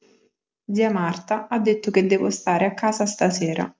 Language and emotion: Italian, neutral